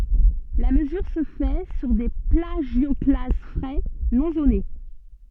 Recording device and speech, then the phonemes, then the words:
soft in-ear microphone, read sentence
la məzyʁ sə fɛ syʁ de plaʒjɔklaz fʁɛ nɔ̃ zone
La mesure se fait sur des plagioclases frais, non zonés.

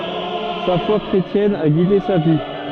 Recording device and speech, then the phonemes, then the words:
soft in-ear microphone, read sentence
sa fwa kʁetjɛn a ɡide sa vi
Sa foi chrétienne a guidé sa vie.

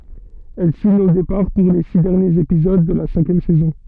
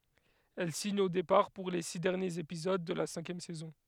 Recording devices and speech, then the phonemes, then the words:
soft in-ear microphone, headset microphone, read sentence
ɛl siɲ o depaʁ puʁ le si dɛʁnjez epizod də la sɛ̃kjɛm sɛzɔ̃
Elle signe au départ pour les six derniers épisodes de la cinquième saison.

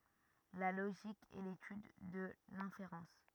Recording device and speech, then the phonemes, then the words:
rigid in-ear microphone, read sentence
la loʒik ɛ letyd də lɛ̃feʁɑ̃s
La logique est l’étude de l’inférence.

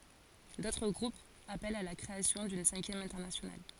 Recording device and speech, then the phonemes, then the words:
forehead accelerometer, read sentence
dotʁ ɡʁupz apɛlt a la kʁeasjɔ̃ dyn sɛ̃kjɛm ɛ̃tɛʁnasjonal
D'autres groupes appellent à la création d'une Cinquième Internationale.

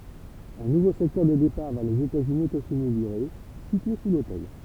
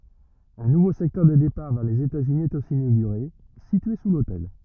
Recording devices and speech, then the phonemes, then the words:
temple vibration pickup, rigid in-ear microphone, read sentence
œ̃ nuvo sɛktœʁ de depaʁ vɛʁ lez etatsyni ɛt osi inoɡyʁe sitye su lotɛl
Un nouveau secteur des départs vers les États-Unis est aussi inauguré, situé sous l'hôtel.

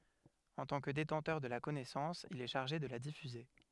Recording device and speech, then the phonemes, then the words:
headset microphone, read sentence
ɑ̃ tɑ̃ kə detɑ̃tœʁ də la kɔnɛsɑ̃s il ɛ ʃaʁʒe də la difyze
En tant que détenteur de la connaissance, il est chargé de la diffuser.

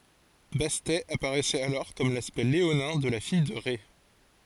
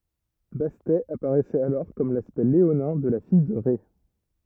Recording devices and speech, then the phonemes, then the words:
forehead accelerometer, rigid in-ear microphone, read sentence
bastɛ apaʁɛsɛt alɔʁ kɔm laspɛkt leonɛ̃ də la fij də ʁɛ
Bastet apparaissait alors comme l'aspect léonin de la fille de Rê.

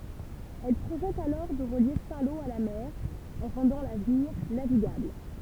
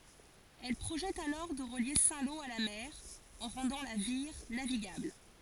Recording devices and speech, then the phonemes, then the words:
temple vibration pickup, forehead accelerometer, read sentence
ɛl pʁoʒɛt alɔʁ də ʁəlje sɛ̃ lo a la mɛʁ ɑ̃ ʁɑ̃dɑ̃ la viʁ naviɡabl
Elle projette alors de relier Saint-Lô à la mer en rendant la Vire navigable.

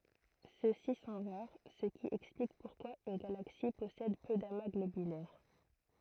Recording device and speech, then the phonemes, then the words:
throat microphone, read sentence
sø si sɔ̃ ʁaʁ sə ki ɛksplik puʁkwa yn ɡalaksi pɔsɛd pø dama ɡlobylɛʁ
Ceux-ci sont rares, ce qui explique pourquoi une galaxie possède peu d'amas globulaires.

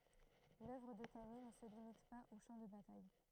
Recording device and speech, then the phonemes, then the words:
throat microphone, read sentence
lœvʁ də kamij nə sə limit paz o ʃɑ̃ də bataj
L’œuvre de Camille ne se limite pas aux champs de bataille.

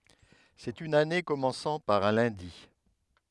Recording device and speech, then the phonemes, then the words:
headset microphone, read sentence
sɛt yn ane kɔmɑ̃sɑ̃ paʁ œ̃ lœ̃di
C'est une année commençant par un lundi.

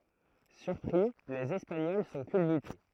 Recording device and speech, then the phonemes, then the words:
throat microphone, read sentence
syʁpʁi lez ɛspaɲɔl sɔ̃ kylbyte
Surpris, les Espagnols sont culbutés.

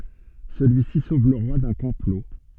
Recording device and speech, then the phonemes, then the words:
soft in-ear microphone, read sentence
səlyisi sov lə ʁwa dœ̃ kɔ̃plo
Celui-ci sauve le roi d'un complot.

